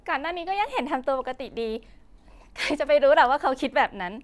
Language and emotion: Thai, happy